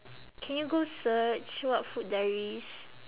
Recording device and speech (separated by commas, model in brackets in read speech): telephone, conversation in separate rooms